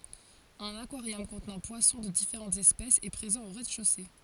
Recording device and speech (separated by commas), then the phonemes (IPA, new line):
forehead accelerometer, read sentence
œ̃n akwaʁjɔm kɔ̃tnɑ̃ pwasɔ̃ də difeʁɑ̃tz ɛspɛsz ɛ pʁezɑ̃ o ʁɛzdɛʃose